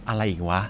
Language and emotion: Thai, frustrated